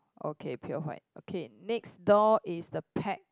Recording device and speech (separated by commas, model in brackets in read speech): close-talking microphone, conversation in the same room